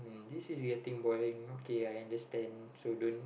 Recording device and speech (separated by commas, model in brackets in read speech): boundary microphone, conversation in the same room